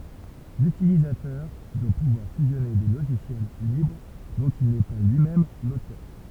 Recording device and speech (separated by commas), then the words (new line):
temple vibration pickup, read sentence
L'utilisateur doit pouvoir fusionner des logiciels libres dont il n'est pas lui-même l'auteur.